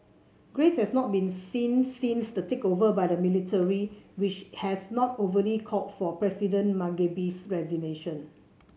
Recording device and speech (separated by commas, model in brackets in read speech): mobile phone (Samsung C7), read sentence